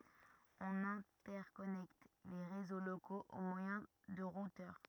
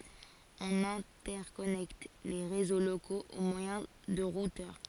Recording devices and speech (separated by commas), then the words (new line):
rigid in-ear microphone, forehead accelerometer, read sentence
On interconnecte les réseaux locaux au moyen de routeurs.